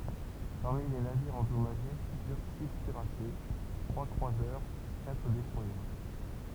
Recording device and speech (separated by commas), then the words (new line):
temple vibration pickup, read sentence
Parmi les navires endommagés figurent six cuirassés, trois croiseurs, quatre destroyers.